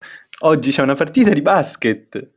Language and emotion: Italian, happy